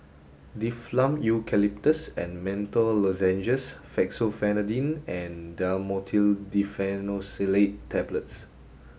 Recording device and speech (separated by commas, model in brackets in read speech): mobile phone (Samsung S8), read sentence